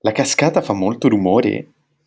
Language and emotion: Italian, surprised